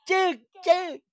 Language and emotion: Thai, happy